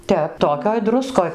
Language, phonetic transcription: Lithuanian, ˈtep ˈtokioj ˈdruskoj

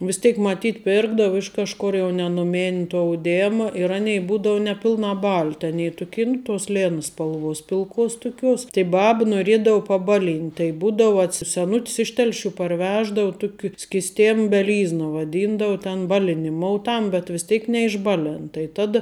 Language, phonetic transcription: Lithuanian, vis ˈtėk maˈtyt ˈpirkdau ˈiš kažkur jau ne nuˈmin' tuo auˈdėma ir ˈanei ˈbūdou neˈpilnā ˈbalt' aˈnė tuˈkė nu tos ˈlėna spalˈvuos pilˈkuos tuˈkiuos tai ˈbab noˈriedau paˈbaˌlynt' tai ˈbūdau atˈsi seˈnuts ˈiš ˈtelˌšių parˈveždau ˈtuki skisˈtem beˈlyzna vaˈdyndau ten ˈbaliniˌmou ˈtam bet vis ˈteik neišˈbaˌlen tai ˈtada

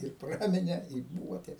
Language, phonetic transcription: Lithuanian, ir ˈpramine i būva te

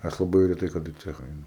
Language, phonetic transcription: Lithuanian, ˈaš laˈbai reˈtai kaˈda i ˈcecha ˈainu

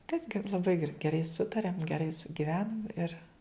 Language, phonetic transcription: Lithuanian, taip ge laˈbai ger geˈrai ˈsutariam geˈrai sugiˈvenam ir

